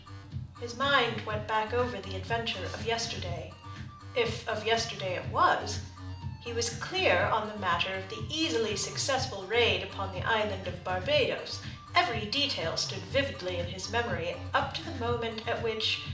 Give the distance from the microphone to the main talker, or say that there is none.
2.0 m.